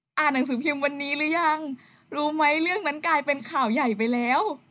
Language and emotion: Thai, happy